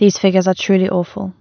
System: none